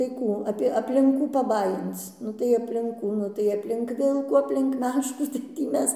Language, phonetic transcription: Lithuanian, tai ˈkų ˈapie aplink ˈkų paˈbajinc ˈnu tai aplink ˈkų ˈnu tai aplink ˈvilkų aplink ˈmeškų tai tį ˈmes

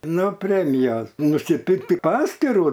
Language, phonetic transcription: Lithuanian, no ˈpremijos nusiˈpirkti ˈpaskyru

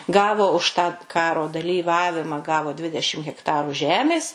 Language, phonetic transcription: Lithuanian, ˈgavo už tą ˈkaro dalyˈvavimą ˈgavo ˈdvidešim hekˈtarų ˈžemės

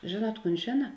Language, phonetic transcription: Lithuanian, ˈžėˌnuot ˈkūn ˈžėna

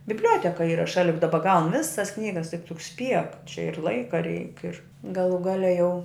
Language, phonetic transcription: Lithuanian, bibˈliuoteka ˈyra ˈšali juk ˈdaba gaun ˈvisas ˈknygas tik tu spiek čia ir ˈlaika reik ir gaˈlų ˈgale jau

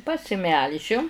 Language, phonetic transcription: Lithuanian, pasiˈmelžiu

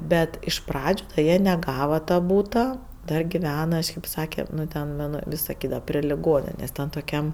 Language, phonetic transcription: Lithuanian, ˈbet iš ˈpradžiu ˈjie neˈgava ta ˈbūta dar giˈvena kažˈkėp ˈsake nu ˈten nu nu ˈvis saˈkydava pri liˈgoninės' ˈten toˈkiam

